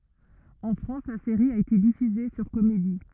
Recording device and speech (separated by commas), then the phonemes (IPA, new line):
rigid in-ear microphone, read sentence
ɑ̃ fʁɑ̃s la seʁi a ete difyze syʁ komedi